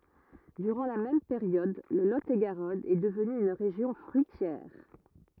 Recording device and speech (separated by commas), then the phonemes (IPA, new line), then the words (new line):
rigid in-ear microphone, read sentence
dyʁɑ̃ la mɛm peʁjɔd lə lo e ɡaʁɔn ɛ dəvny yn ʁeʒjɔ̃ fʁyitjɛʁ
Durant la même période, le Lot-et-Garonne est devenu une région fruitière.